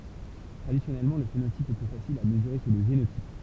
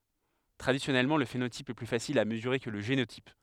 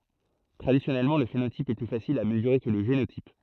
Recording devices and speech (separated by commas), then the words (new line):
temple vibration pickup, headset microphone, throat microphone, read sentence
Traditionnellement, le phénotype est plus facile à mesurer que le génotype.